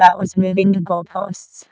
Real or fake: fake